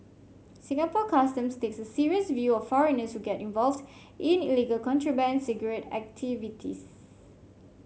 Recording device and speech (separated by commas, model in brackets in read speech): mobile phone (Samsung C5), read sentence